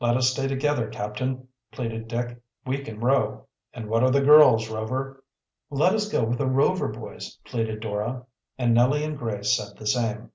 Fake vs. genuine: genuine